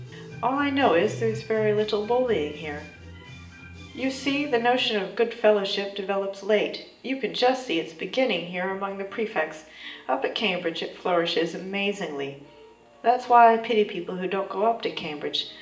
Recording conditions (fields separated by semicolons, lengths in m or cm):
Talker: one person; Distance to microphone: 1.8 m; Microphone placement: close; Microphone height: 1.0 m; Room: large; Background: music